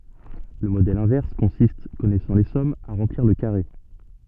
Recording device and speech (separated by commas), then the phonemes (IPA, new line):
soft in-ear microphone, read sentence
lə modɛl ɛ̃vɛʁs kɔ̃sist kɔnɛsɑ̃ le sɔmz a ʁɑ̃pliʁ lə kaʁe